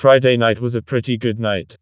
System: TTS, vocoder